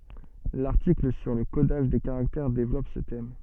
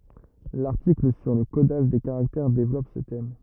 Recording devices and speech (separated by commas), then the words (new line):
soft in-ear microphone, rigid in-ear microphone, read sentence
L'article sur le codage des caractères développe ce thème.